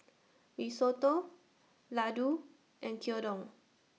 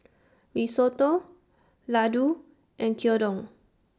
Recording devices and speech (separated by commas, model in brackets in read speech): mobile phone (iPhone 6), standing microphone (AKG C214), read sentence